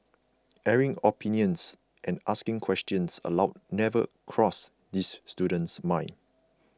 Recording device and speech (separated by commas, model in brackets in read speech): close-talking microphone (WH20), read sentence